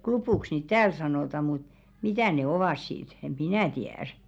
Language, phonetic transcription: Finnish, "klupùks niit "tääl 'sanòta mut , 'mitä̀ ne "ovàs sit , eᴍ "minä̀ tiä̀r .
- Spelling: klupuksi niitä täällä sanotaan mutta mitä ne ovat sitten en minä tiedä

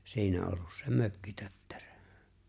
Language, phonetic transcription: Finnish, 'siinä ollus se 'mökkitöttᴇʀᴏ̈ .
- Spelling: siinä ollut se mökkitötterö

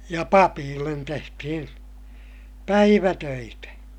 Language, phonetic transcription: Finnish, ja papiillen tehtihin , päivätöitä .
- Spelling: ja papeille tehtiin päivätöitä

